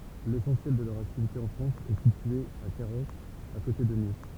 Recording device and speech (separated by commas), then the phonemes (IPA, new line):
temple vibration pickup, read sentence
lesɑ̃sjɛl də lœʁ aktivite ɑ̃ fʁɑ̃s ɛ sitye a kaʁoz a kote də nis